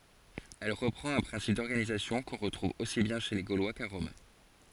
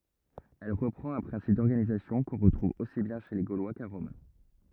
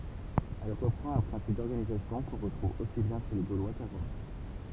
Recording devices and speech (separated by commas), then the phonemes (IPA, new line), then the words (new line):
forehead accelerometer, rigid in-ear microphone, temple vibration pickup, read sentence
ɛl ʁəpʁɑ̃t œ̃ pʁɛ̃sip dɔʁɡanizasjɔ̃ kɔ̃ ʁətʁuv osi bjɛ̃ ʃe le ɡolwa ka ʁɔm
Elle reprend un principe d'organisation qu'on retrouve aussi bien chez les Gaulois qu'à Rome.